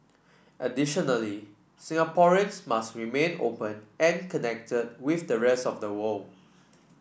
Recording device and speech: boundary microphone (BM630), read sentence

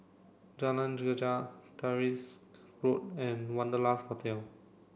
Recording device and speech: boundary microphone (BM630), read sentence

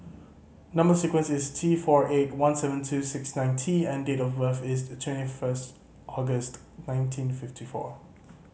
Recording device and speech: mobile phone (Samsung C5010), read sentence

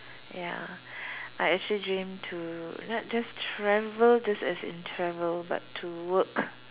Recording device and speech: telephone, conversation in separate rooms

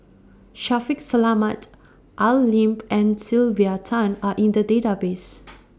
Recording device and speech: standing microphone (AKG C214), read sentence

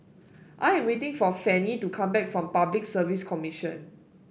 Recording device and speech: boundary microphone (BM630), read sentence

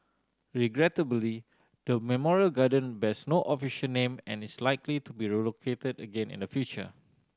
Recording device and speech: standing microphone (AKG C214), read sentence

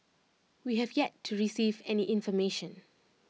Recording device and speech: mobile phone (iPhone 6), read sentence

